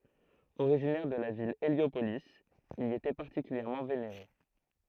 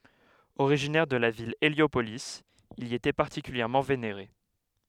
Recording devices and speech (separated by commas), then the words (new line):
throat microphone, headset microphone, read sentence
Originaire de la ville Héliopolis, il y était particulièrement vénéré.